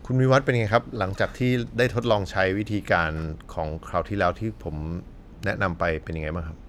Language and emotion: Thai, neutral